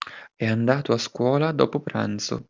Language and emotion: Italian, neutral